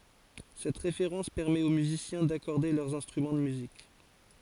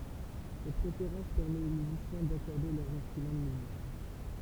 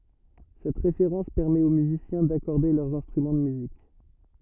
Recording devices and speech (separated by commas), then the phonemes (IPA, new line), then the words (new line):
forehead accelerometer, temple vibration pickup, rigid in-ear microphone, read sentence
sɛt ʁefeʁɑ̃s pɛʁmɛt o myzisjɛ̃ dakɔʁde lœʁz ɛ̃stʁymɑ̃ də myzik
Cette référence permet aux musiciens d'accorder leurs instruments de musique.